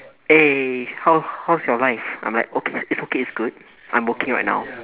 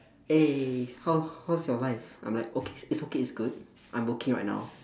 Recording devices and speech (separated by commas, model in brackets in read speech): telephone, standing microphone, conversation in separate rooms